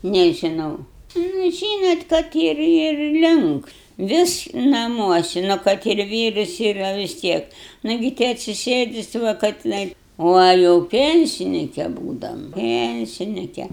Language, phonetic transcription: Lithuanian, nėžiˈnau nu ˈžynot kad ˈir ir ir ˈlinks ˈvis naˈmuosi nu ˈkad ir ˈvyrus yˈra vis ˈtiek ˈnagi ti atsiˈsėdi ˈsu va ka tiˈnai ˈva jau ˈpensinike ˈbūdam ˈpensinike

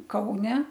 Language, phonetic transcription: Lithuanian, ˈkaune

